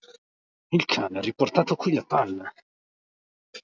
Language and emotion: Italian, angry